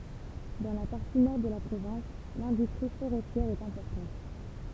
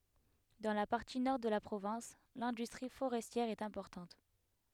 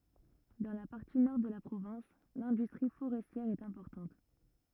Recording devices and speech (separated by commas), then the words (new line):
temple vibration pickup, headset microphone, rigid in-ear microphone, read sentence
Dans la partie nord de la province, l'industrie forestière est importante.